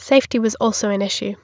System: none